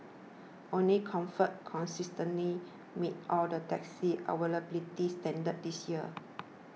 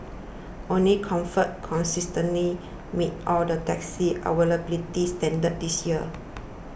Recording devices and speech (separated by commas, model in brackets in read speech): mobile phone (iPhone 6), boundary microphone (BM630), read sentence